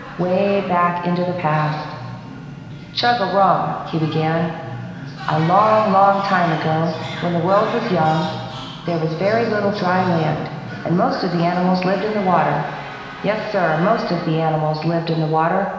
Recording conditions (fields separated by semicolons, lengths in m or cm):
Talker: one person; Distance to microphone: 1.7 m; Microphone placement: close; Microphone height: 1.0 m; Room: very reverberant, large; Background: television